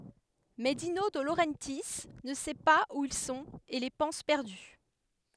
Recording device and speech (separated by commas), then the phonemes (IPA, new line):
headset microphone, read sentence
mɛ dino də loʁɑ̃tji nə sɛ paz u il sɔ̃t e le pɑ̃s pɛʁdy